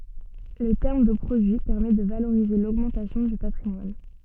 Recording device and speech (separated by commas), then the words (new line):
soft in-ear microphone, read sentence
Le terme de produit permet de valoriser l'augmentation du patrimoine.